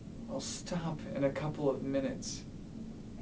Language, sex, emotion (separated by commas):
English, male, sad